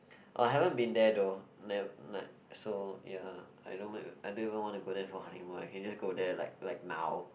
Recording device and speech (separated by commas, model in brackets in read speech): boundary microphone, conversation in the same room